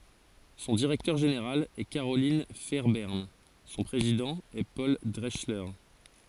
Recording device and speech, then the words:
forehead accelerometer, read sentence
Son directeur général est Carolyn Fairbairn, son président est Paul Drechsler.

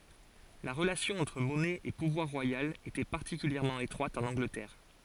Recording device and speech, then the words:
forehead accelerometer, read sentence
La relation entre monnaie et pouvoir royal était particulièrement étroite en Angleterre.

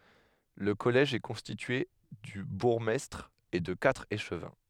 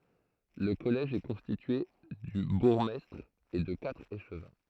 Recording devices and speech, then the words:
headset microphone, throat microphone, read sentence
Le collège est constitué du bourgmestre et de quatre échevins.

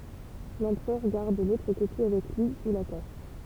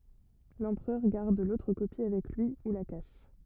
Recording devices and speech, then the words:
temple vibration pickup, rigid in-ear microphone, read sentence
L'empereur garde l'autre copie avec lui ou la cache.

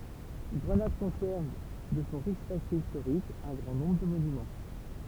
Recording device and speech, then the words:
temple vibration pickup, read sentence
Grenade conserve de son riche passé historique un grand nombre de monuments.

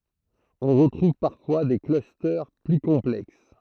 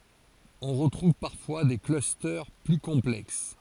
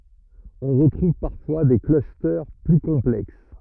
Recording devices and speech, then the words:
throat microphone, forehead accelerometer, rigid in-ear microphone, read sentence
On retrouve parfois des clusters plus complexes.

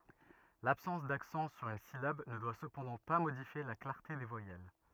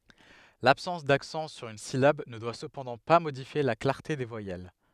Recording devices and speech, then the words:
rigid in-ear microphone, headset microphone, read sentence
L'absence d'accent sur une syllabe ne doit cependant pas modifier la clarté des voyelles.

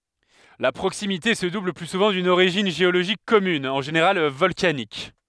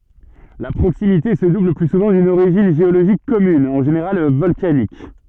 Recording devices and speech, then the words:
headset microphone, soft in-ear microphone, read sentence
La proximité se double le plus souvent d'une origine géologique commune, en général volcanique.

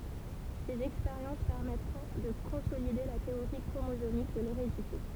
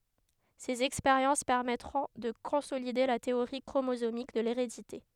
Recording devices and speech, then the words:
temple vibration pickup, headset microphone, read sentence
Ses expériences permettront de consolider la théorie chromosomique de l'hérédité.

